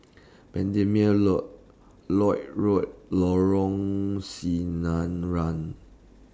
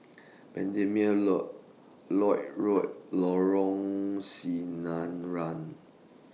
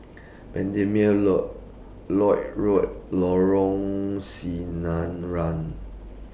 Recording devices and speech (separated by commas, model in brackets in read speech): standing microphone (AKG C214), mobile phone (iPhone 6), boundary microphone (BM630), read sentence